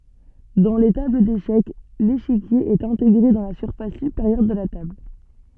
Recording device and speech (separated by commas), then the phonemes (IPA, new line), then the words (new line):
soft in-ear microphone, read sentence
dɑ̃ le tabl deʃɛk leʃikje ɛt ɛ̃teɡʁe dɑ̃ la syʁfas sypeʁjœʁ də la tabl
Dans les tables d'échecs, l'échiquier est intégré dans la surface supérieure de la table.